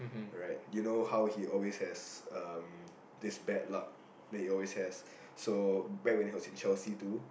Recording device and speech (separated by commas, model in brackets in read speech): boundary microphone, conversation in the same room